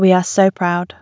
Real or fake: real